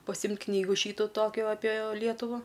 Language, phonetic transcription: Lithuanian, paˈsimt' ˈknygu ˈšytu ˈtokiu apė ˈlietuva

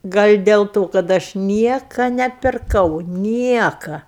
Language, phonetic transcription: Lithuanian, ˈgal' del ˈto kad ˈaš ˈnieka nepirˈkau ˈnieka

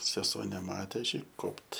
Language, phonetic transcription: Lithuanian, seˈsuo neˈmatė ˈaš ˈjai ˈkopt

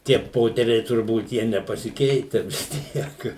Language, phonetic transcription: Lithuanian, tie ˈpoteriai turˈbūt ˈjie nepasiˈkeite vis ˈtiek

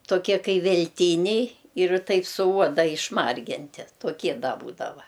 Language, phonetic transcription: Lithuanian, toˈkie ˈkai velˈtyniai ir ˈtaip su ˈuoda išˈmarginti toˈkie ˈda ˈbūdava

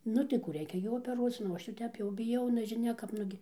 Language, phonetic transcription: Lithuanian, ˈnu tai ˈkų ˈreikia jau opeˈruoc ˈnu o ˈaš jau ˈtep biˈjau nežiˈnia kap ˈnugi

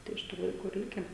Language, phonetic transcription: Lithuanian, tai iš ˈtų laiˈkų ir ˈlike

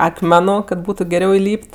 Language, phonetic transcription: Lithuanian, akˈmenu ka ˈbūtu geˈriau iˈlyp't'

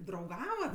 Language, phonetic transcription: Lithuanian, drauˈgavat

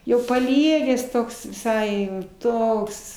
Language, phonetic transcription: Lithuanian, jau paˈliegęs ˈtoks viˈsai jau ˈtoks

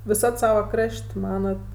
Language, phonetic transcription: Lithuanian, viˈsad ˈsavo ˈkraš't' ˈmanat

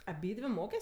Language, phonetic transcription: Lithuanian, aˈbydvi ˈmokes

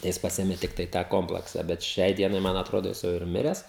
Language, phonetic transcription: Lithuanian, tai ˈjis ˈpasėmė ˈtiktai tą ˈkomplaksa bet ˈšiai ˈdienai ˈman atˈrodo ˈjis jau ir ˈmires

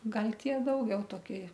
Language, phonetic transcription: Lithuanian, ˈgal' ˈtie ˈdaugiau toˈki

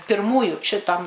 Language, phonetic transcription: Lithuanian, pirˈmųju šiˈtam

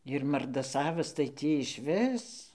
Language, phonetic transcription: Lithuanian, ir mardaˈsavas tai ˈtį išˈvis

